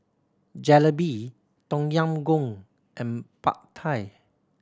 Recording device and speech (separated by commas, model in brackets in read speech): standing microphone (AKG C214), read sentence